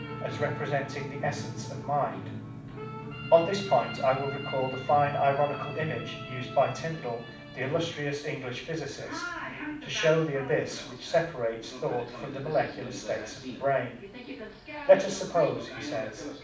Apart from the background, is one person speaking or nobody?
One person.